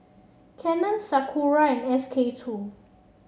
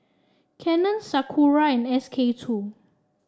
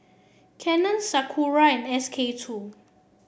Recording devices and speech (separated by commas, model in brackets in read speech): mobile phone (Samsung C7), standing microphone (AKG C214), boundary microphone (BM630), read sentence